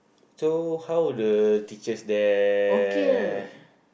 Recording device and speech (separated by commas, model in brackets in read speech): boundary microphone, conversation in the same room